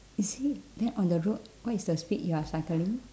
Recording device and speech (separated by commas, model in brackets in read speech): standing microphone, conversation in separate rooms